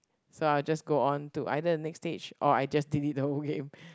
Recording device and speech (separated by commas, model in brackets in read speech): close-talking microphone, conversation in the same room